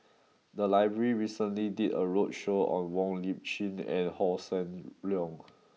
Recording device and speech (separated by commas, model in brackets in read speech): mobile phone (iPhone 6), read sentence